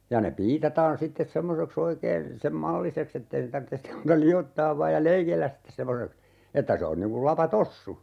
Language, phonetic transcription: Finnish, ja ne 'piitataan 'sittes 'semmosek"s ‿oikeen , 'sem "mallisek's ‿ettei ne tartte sim muuta 'li₍ottaav vaaj ja "leikelläs sittes semmoseks , 'että se on niŋ kul 'lapa"tossu .
- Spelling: ja ne piitataan sitten semmoiseksi oikein sen malliseksi että ei ne tarvitse sitten muuta liottaa vain ja leikellä sitten semmoiseksi että se on niin kuin lapatossu

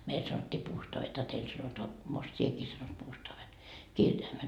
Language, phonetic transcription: Finnish, 'meil sanot́t́ii 'puustoavet a teil sanotoa , most 'sieki sanot 'puustoave , "kirjaimet .
- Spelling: meillä sanottiin puustaavit a teillä sanotaan most sinäkin sanot puustaavit kirjaimet

